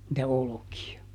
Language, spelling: Finnish, niitä olkia
- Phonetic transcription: nⁱtä ˈoloki₍a .

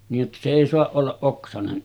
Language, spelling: Finnish, niin jotta se ei saa olla oksainen
- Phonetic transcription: niij jotta se èi 'soaˀ ˀollaˀ 'ˀoksanen .

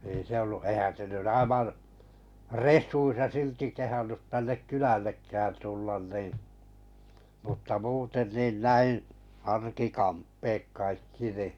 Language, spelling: Finnish, ei se ollut eihän se nyt aivan resuissa silti kehdannut tänne kylällekään tulla niin mutta muuten niin näin arkikamppeet kaikki niin
- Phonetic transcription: ei se 'ollu , 'eⁱhän se nyn 'aivan̬ , "res̆suissa 'silti 'kehannut tännek 'kylällekkään 'tullan nin̬ , mutta 'muuten 'niin 'näi , 'arkikamppeek 'kaikki ni .

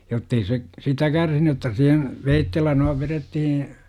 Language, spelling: Finnish, jotta ei se sitä kärsinyt jotta siihen veitsellä noin vedettiin
- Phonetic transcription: jottei se , "sitä 'kärsiny otta sihen , "veittellä noiv 'verettihiḭ ,.

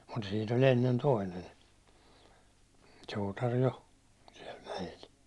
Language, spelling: Finnish, mutta siinä oli ennen toinen suutari jo siellä mäellä
- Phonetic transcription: mut siin ‿oĺ ennen 'toinen , 'suutar 'jo , siɛl mäjel .

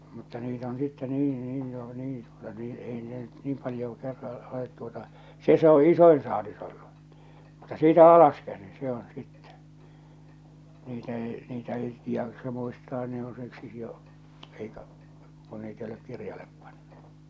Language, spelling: Finnish, mutta niitä on sitten niin niin jo niin tuota niin ei ne nyt niin paljoa - olet tuota se se on isoin saalis ollut mutta siitä alaskäsin se on sitten niitä ei niitä ei jaksa muistaa ne on siksi jo aikaa kun niitä ei ole kirjalle pantu
- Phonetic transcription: mutta 'niit ‿on sitte 'nii 'nii jo , 'niin tuota 'niin 'ei ne nyt 'niim paljoo 'kerra- , olet tuota , 'se se ‿o "isoin saalis ‿ollu , mutta "siitä "alaskäsin 'se ‿on̬ 'sittɛ , 'niitä 'èi̬ , 'niitä 'èi̬ , jaksa muistaa ne ‿on siksi jo , eikaa̳ , kon 'niit ‿ei olek 'kirjalep panɴᴜ .

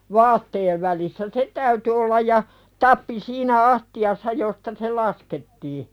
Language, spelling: Finnish, vaatteen välissä se täytyi olla ja tappi siinä astiassa josta se laskettiin
- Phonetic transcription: 'vaatteev välissä "se täyty ollaj ja , 'tappi siinä "asti₍assa josta se "laskettii .

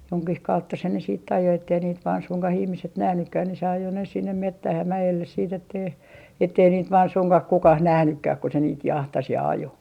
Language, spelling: Finnish, jonkin kautta se ne sitten ajoi että ei niitä vain suinkaan ihmiset nähnytkään niin se ajoi ne sinne metsään ja mäelle sitten että ei että ei niitä vain suinkaan kukaan nähnytkään kun se niitä jahtasi ja ajoi
- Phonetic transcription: 'joŋkih 'kautta se ne siit't ‿ajo ettei niit vaan 'suŋkah 'ihmiset "nähnykkäh ni se 'ajo ne sinnem "mettäh ja 'mäjelles siit ‿ettei , ettei niit vaan 'suŋkah "kukah "nähnykkäh ku se niit 'jahtas ja "ajo .

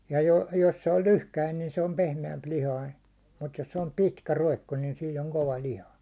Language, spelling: Finnish, ja - jos se on lyhkäinen niin se on pehmeämpilihainen mutta jos se on pitkä roikko niin siinä on kova liha
- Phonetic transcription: ja 'jo- 'jos se oĺ "lyhkäin niin se om 'pehme₍ämp'lihain̬ , 'mut 'jos se om "pitkä 'roikko niin 'siin ‿oŋ "kova "liha .

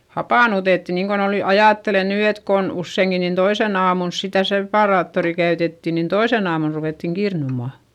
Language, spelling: Finnish, hapannutettiin niin kuin oli nyt ajattele nyt että kun useinkin niin toisena aamulla sitä separaattoria käytettiin niin toisena aamuna ruvettiin kirnuamaan
- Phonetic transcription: hapànutetti niiŋkon ol ny , ajàttele nyy et kon usseiŋki nin toisen ‿aamuls sitä separaattori käytetti nin toisen ‿aamun ruvèttiŋ kirnuma .

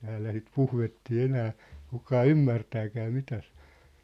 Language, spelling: Finnish, täällä sitä puhvettia enää kukaan ymmärtääkään mitä se on
- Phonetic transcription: täällä sit "puhvettii "enää , kukaa "ymmärtääkää 'mitä sᴇ ‿ᴏ .

